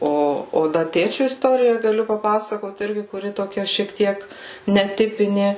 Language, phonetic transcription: Lithuanian, ˈo o ˈda ˈtėčiu isˈtorija gaˈliu paˈpasakot ˈirgi kuˈri toˈkia šiek ˈtiek neˈtipinė

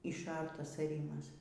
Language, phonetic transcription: Lithuanian, išˈartas aˈrymas

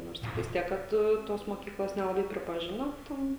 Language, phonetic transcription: Lithuanian, ˈnors ˈtiktais ˈtiek ˈkad ˈtos moˈkyklos nelaˈbai pripaˈžino ˈten

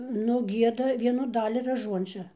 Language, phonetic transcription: Lithuanian, nu ˈgieda ˈvienu ˈdali raˈžuončia

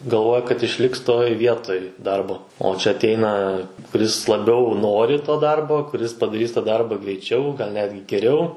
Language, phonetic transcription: Lithuanian, galˈvoja kad išˈliks toj ˈvietoj ˈdarbo o čia ˈateina kuˈris laˈbiau ˈnori to ˈdarbo kuˈris padaˈrys tą ˈdarba greiˈčiau gal ˈnetgi geˈriau

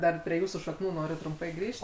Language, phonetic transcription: Lithuanian, ˈdar prie ˈjūsų šakˈnų ˈnoriu trumˈpai ˈgrįžt

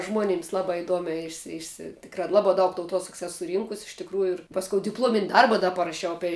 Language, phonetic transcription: Lithuanian, ˈžmonyms ˈlabā iˈduomiā ˈišsi ˈišsi ˈtikrā ˈlabā ˈdaug tauˈtuosaks ˈes suˈrynkus iš tikˈrųju ir ˈpaskou dipˈluomin' ˈdarba ˈda paraˈšiau ˈapei

